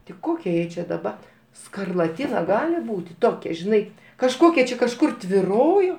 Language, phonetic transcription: Lithuanian, ti ˈkokia ˈjai či daˈba skarlaˈtina ˈgali ˈbūti ˈtokia žiˈnai kažˈkokia čia kažˈkur tviˈrojo

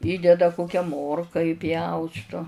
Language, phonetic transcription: Lithuanian, ˈįdeda ˈkokia ˈmorka įˈpjaustu

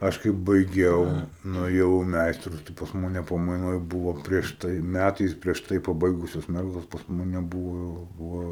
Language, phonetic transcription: Lithuanian, ˈaš kai baiˈgiau nuėˈjau i ˈmeistrus tai pas ˈmane pamaiˈnoj ˈbūvo prieš ˈtai ˈmætais prieš ˈtai paˈbaigusios ˈmergos pas ˈmane ˈbūvo jau ˈva

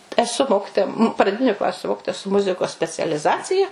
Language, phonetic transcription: Lithuanian, eˈsu ˈmokitoja praˈdiniu ˈklasiu ˈmokitoja su ˈmuzikos specialiˈzacija

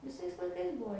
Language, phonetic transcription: Lithuanian, viˈsais laiˈkais ˈbuo

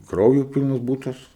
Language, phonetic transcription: Lithuanian, ˈkrauju ˈpylnas ˈbūtas

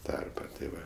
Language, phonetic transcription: Lithuanian, ˈtarpa tė ˈva

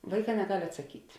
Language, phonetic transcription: Lithuanian, ˈvaiˌkā neˈgal' atsaˈkyt'

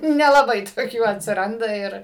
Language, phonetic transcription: Lithuanian, nelaˈbai toˈkių atsiˈranda ˈir

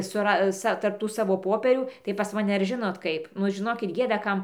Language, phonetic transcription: Lithuanian, suˈras ˈsa tarp ˈtų saˈvo ˈpopierių tai pas maˈne ar ˈžinot ˈkaip ˈnu žiˈnokit ˈgėda ˈkam

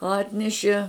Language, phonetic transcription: Lithuanian, ˈatnešie

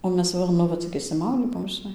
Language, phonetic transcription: Lithuanian, o ˈmes ˈva nu ˈva cik išsiˈmaudį ˈbuom žiˈnai

